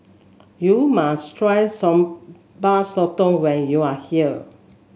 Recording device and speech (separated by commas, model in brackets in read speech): mobile phone (Samsung S8), read sentence